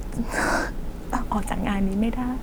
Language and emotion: Thai, sad